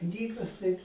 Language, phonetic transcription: Lithuanian, ˈknygas tai

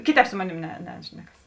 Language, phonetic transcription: Lithuanian, ˈkiˌtēp ˈsu moˌnėm ne ˈnešnekas

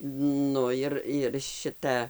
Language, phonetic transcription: Lithuanian, ˈnu ir ir ˈšita

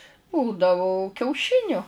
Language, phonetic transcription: Lithuanian, ˈbūdavo kiauˈšiniu

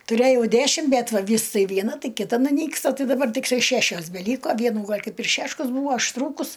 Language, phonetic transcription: Lithuanian, tuˈrėjau ˈdæšim bet va ˈvys ˈtai vieˈna ˈtai kiˈta nuˈnyksta ˈtai daˈbar tikˈtai ˈšæšios beˈlyko ˈvienų ˈgal' ˈkaip ir ˈšeškas ˈbūa ašˈtrūkus

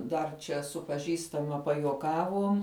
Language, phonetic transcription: Lithuanian, ˈdar čia su paˈžįstama pajuoˈkavuom

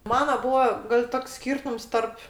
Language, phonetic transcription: Lithuanian, ˈmana ˈbūa gal' ˈtoks ˈskyrtums ˈtarp

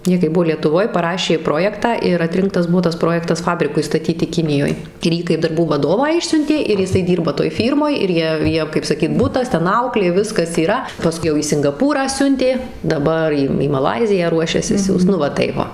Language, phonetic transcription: Lithuanian, ˈjie kai ˈbuvo lietuˈvoj paˈrašė ˈprojektą ir atˈrinktas ˈbuo tas ˈprojektas ˈfabrikui staˈtyti ˈkinijoj ir ˈjį kaip darˈbų vaˈdovą ˈišsiuntė ir jiˈsai ˈdyrba toj ˈfyrmoj ir ˈjie ˈjiem kaip saˈkyt ˈbutas ˈten ˈauklė ˈviskas yˈra paˈskui jau į singaˈpūrą ˈsiuntė daˈbar į į maˈlaiziją ˈruošiasi ˈsiųst ˈnu va ˈtaip va

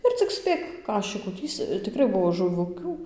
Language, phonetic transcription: Lithuanian, ir cik ˈspėk ˈkašikų ˈtįsc tiˈkrai ˈbuvo žuˈvukių

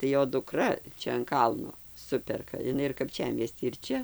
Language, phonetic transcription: Lithuanian, tai ˈjo duˈkra ˈčia an ˈkalno ˈsuperka iˈnai ir kapˈčiamiesty ir ˈčia

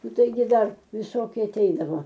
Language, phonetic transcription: Lithuanian, ˈnu ˈtaigi ˈdar viˈsoki aˈteidavo

